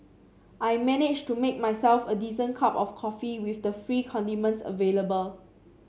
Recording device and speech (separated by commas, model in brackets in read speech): mobile phone (Samsung C7), read sentence